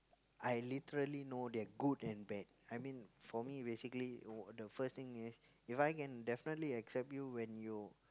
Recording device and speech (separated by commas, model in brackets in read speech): close-talking microphone, conversation in the same room